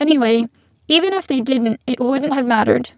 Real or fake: fake